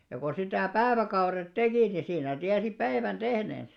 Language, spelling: Finnish, ja kun sitä päiväkaudet teki niin siinä tiesi päivän tehneensä
- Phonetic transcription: ja ko sitä̀ 'pääväkauret "tekì ni siinä 'tiäsi "päivän 'ᴅehnèns .

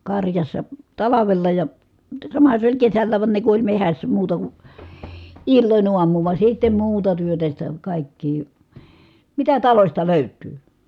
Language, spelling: Finnish, karjassa talvella ja samahan se oli kesälläkin vaan ne kun oli metsässä muuta kuin illoin aamuun vaan sitten muuta työtä sitä kaikkea mitä talosta löytyy
- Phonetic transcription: karjassa , talavella ja , samaha se oĺ kesällääv van ne ku oĺ mehässä muuta ku , illoń uamuu va sittem̆ muuta työtä sitä , kàikkii , mitä talośta lö̀yt̆tyy .

